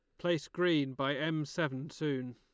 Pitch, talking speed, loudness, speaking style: 155 Hz, 170 wpm, -34 LUFS, Lombard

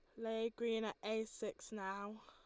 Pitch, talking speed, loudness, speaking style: 220 Hz, 175 wpm, -43 LUFS, Lombard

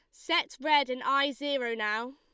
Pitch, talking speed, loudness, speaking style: 275 Hz, 185 wpm, -29 LUFS, Lombard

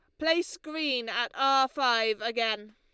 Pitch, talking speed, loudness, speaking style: 250 Hz, 140 wpm, -28 LUFS, Lombard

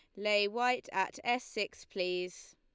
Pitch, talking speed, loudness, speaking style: 205 Hz, 155 wpm, -34 LUFS, Lombard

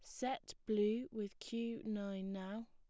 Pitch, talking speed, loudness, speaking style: 215 Hz, 145 wpm, -42 LUFS, plain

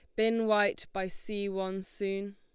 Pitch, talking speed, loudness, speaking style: 200 Hz, 170 wpm, -32 LUFS, Lombard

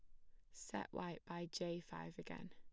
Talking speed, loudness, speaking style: 180 wpm, -49 LUFS, plain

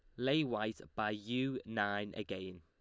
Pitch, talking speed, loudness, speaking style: 105 Hz, 150 wpm, -38 LUFS, Lombard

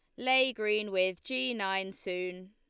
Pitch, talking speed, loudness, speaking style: 205 Hz, 155 wpm, -31 LUFS, Lombard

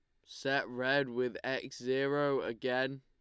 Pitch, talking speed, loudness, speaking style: 130 Hz, 130 wpm, -34 LUFS, Lombard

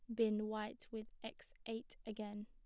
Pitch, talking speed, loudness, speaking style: 220 Hz, 160 wpm, -45 LUFS, plain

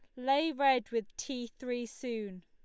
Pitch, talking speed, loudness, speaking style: 245 Hz, 160 wpm, -34 LUFS, Lombard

